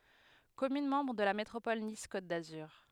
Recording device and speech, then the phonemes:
headset microphone, read sentence
kɔmyn mɑ̃bʁ də la metʁopɔl nis kot dazyʁ

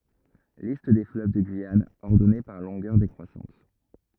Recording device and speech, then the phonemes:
rigid in-ear microphone, read sentence
list de fløv də ɡyijan ɔʁdɔne paʁ lɔ̃ɡœʁ dekʁwasɑ̃t

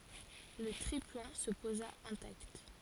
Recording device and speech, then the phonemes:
forehead accelerometer, read sentence
lə tʁiplɑ̃ sə poza ɛ̃takt

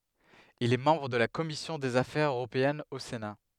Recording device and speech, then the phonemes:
headset microphone, read sentence
il ɛ mɑ̃bʁ də la kɔmisjɔ̃ dez afɛʁz øʁopeɛnz o sena

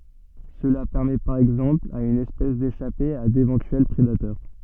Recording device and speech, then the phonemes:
soft in-ear microphone, read sentence
səla pɛʁmɛ paʁ ɛɡzɑ̃pl a yn ɛspɛs deʃape a devɑ̃tyɛl pʁedatœʁ

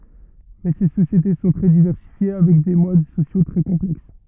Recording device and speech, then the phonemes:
rigid in-ear microphone, read sentence
mɛ se sosjete sɔ̃ tʁɛ divɛʁsifje avɛk de mod sosjo tʁɛ kɔ̃plɛks

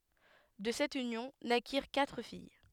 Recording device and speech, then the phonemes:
headset microphone, read sentence
də sɛt ynjɔ̃ nakiʁ katʁ fij

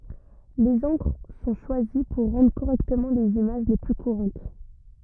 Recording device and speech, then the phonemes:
rigid in-ear microphone, read sentence
lez ɑ̃kʁ sɔ̃ ʃwazi puʁ ʁɑ̃dʁ koʁɛktəmɑ̃ lez imaʒ le ply kuʁɑ̃t

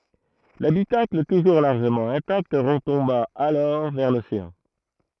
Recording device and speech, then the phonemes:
throat microphone, read sentence
labitakl tuʒuʁ laʁʒəmɑ̃ ɛ̃takt ʁətɔ̃ba alɔʁ vɛʁ loseɑ̃

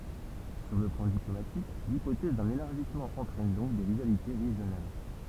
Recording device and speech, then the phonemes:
temple vibration pickup, read sentence
syʁ lə plɑ̃ diplomatik lipotɛz dœ̃n elaʁʒismɑ̃ ɑ̃tʁɛn dɔ̃k de ʁivalite ʁeʒjonal

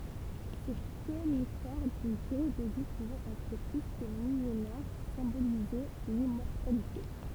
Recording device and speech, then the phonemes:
temple vibration pickup, read sentence
se konifɛʁ dyn dyʁe də vi puvɑ̃ ɛtʁ ply kə milenɛʁ sɛ̃bolizɛ limmɔʁtalite

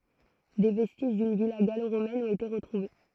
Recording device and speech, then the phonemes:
throat microphone, read sentence
de vɛstiʒ dyn vila ɡaloʁomɛn ɔ̃t ete ʁətʁuve

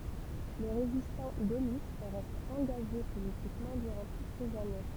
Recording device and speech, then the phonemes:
temple vibration pickup, read sentence
lə ʁezistɑ̃ ɡolist ʁɛst ɑ̃ɡaʒe politikmɑ̃ dyʁɑ̃ tut sez ane

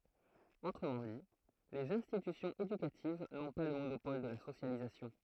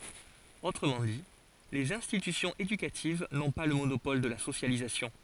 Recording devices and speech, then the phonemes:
throat microphone, forehead accelerometer, read sentence
otʁəmɑ̃ di lez ɛ̃stitysjɔ̃z edykativ nɔ̃ pa lə monopɔl də la sosjalizasjɔ̃

